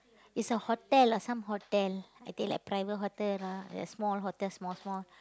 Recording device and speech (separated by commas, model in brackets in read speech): close-talking microphone, conversation in the same room